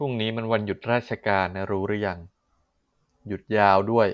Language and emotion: Thai, neutral